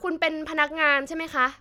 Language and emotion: Thai, frustrated